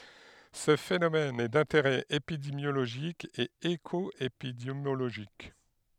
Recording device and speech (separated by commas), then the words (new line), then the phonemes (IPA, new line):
headset microphone, read sentence
Ce phénomène est d'intérêt épidémiologique et écoépidémiologique.
sə fenomɛn ɛ dɛ̃teʁɛ epidemjoloʒik e ekɔepidemjoloʒik